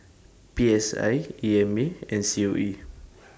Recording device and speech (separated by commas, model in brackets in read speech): standing microphone (AKG C214), read sentence